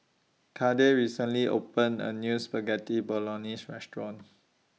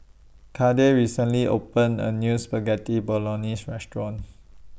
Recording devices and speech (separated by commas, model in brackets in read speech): mobile phone (iPhone 6), boundary microphone (BM630), read sentence